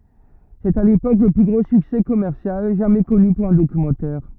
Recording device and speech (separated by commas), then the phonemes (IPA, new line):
rigid in-ear microphone, read sentence
sɛt a lepok lə ply ɡʁo syksɛ kɔmɛʁsjal ʒamɛ kɔny puʁ œ̃ dokymɑ̃tɛʁ